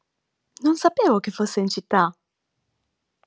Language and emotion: Italian, surprised